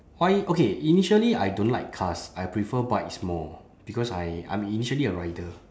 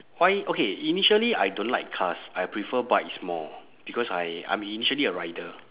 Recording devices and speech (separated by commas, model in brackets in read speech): standing microphone, telephone, conversation in separate rooms